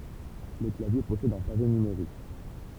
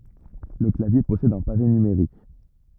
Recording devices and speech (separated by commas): temple vibration pickup, rigid in-ear microphone, read sentence